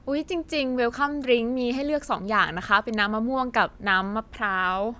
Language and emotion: Thai, happy